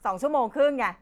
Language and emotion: Thai, angry